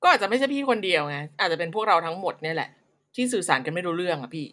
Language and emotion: Thai, frustrated